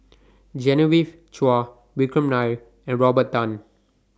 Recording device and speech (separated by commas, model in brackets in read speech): standing microphone (AKG C214), read sentence